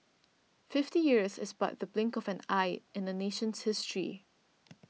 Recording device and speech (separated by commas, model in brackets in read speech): mobile phone (iPhone 6), read sentence